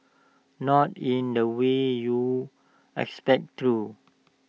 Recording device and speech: mobile phone (iPhone 6), read sentence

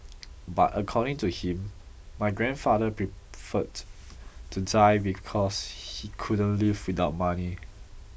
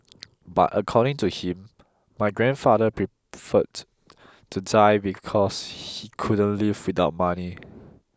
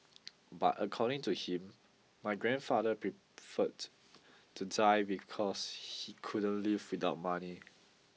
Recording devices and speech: boundary microphone (BM630), close-talking microphone (WH20), mobile phone (iPhone 6), read sentence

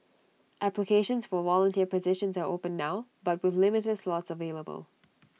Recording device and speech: mobile phone (iPhone 6), read sentence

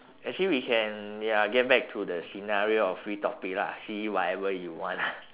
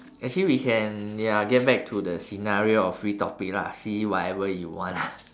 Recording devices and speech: telephone, standing microphone, conversation in separate rooms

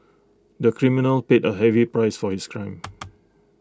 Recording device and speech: close-talking microphone (WH20), read sentence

